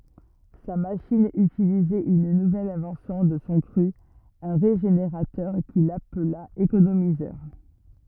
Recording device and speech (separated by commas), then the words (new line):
rigid in-ear microphone, read sentence
Sa machine utilisait une nouvelle invention de son cru, un régénérateur, qu'il appela économiseur.